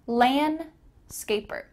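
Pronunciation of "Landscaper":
In 'landscaper', the d is cut out and is not pronounced.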